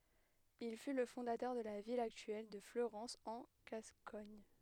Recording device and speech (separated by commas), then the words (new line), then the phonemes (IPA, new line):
headset microphone, read sentence
Il fut le fondateur de la ville actuelle de Fleurance en Gascogne.
il fy lə fɔ̃datœʁ də la vil aktyɛl də fløʁɑ̃s ɑ̃ ɡaskɔɲ